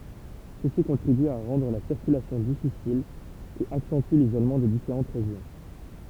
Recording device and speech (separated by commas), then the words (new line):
temple vibration pickup, read sentence
Ceci contribue à rendre la circulation difficile et accentue l'isolement des différentes régions.